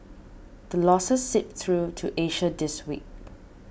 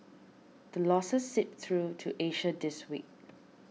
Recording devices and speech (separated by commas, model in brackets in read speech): boundary microphone (BM630), mobile phone (iPhone 6), read sentence